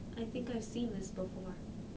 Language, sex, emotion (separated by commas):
English, female, neutral